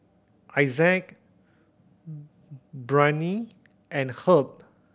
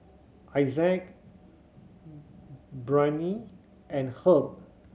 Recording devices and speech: boundary microphone (BM630), mobile phone (Samsung C7100), read sentence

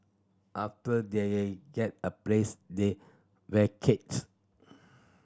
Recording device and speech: standing microphone (AKG C214), read sentence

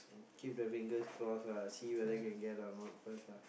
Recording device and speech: boundary microphone, conversation in the same room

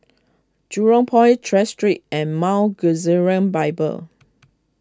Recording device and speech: close-talking microphone (WH20), read sentence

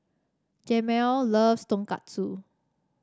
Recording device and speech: standing microphone (AKG C214), read sentence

